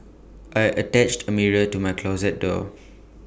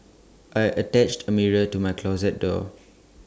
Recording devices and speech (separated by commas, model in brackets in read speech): boundary microphone (BM630), standing microphone (AKG C214), read sentence